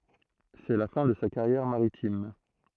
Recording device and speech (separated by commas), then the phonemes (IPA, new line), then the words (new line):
throat microphone, read sentence
sɛ la fɛ̃ də sa kaʁjɛʁ maʁitim
C'est la fin de sa carrière maritime.